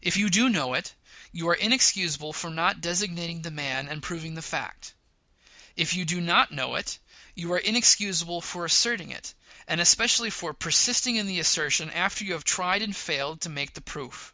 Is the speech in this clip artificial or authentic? authentic